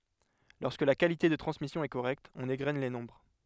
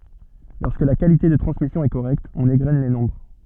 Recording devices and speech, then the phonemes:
headset microphone, soft in-ear microphone, read sentence
lɔʁskə la kalite də tʁɑ̃smisjɔ̃ ɛ koʁɛkt ɔ̃n eɡʁɛn le nɔ̃bʁ

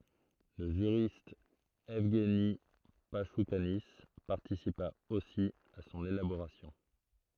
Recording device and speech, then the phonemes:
throat microphone, read sentence
lə ʒyʁist ɛvɡni paʃukani paʁtisipa osi a sɔ̃n elaboʁasjɔ̃

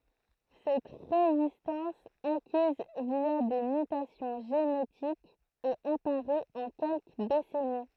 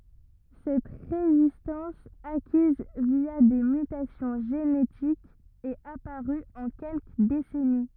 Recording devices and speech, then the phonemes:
throat microphone, rigid in-ear microphone, read sentence
sɛt ʁezistɑ̃s akiz vja de mytasjɔ̃ ʒenetikz ɛt apaʁy ɑ̃ kɛlkə desɛni

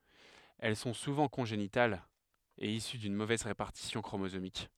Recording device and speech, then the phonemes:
headset microphone, read sentence
ɛl sɔ̃ suvɑ̃ kɔ̃ʒenitalz e isy dyn movɛz ʁepaʁtisjɔ̃ kʁomozomik

